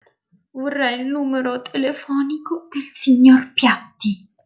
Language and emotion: Italian, fearful